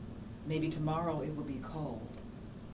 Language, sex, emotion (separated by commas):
English, female, neutral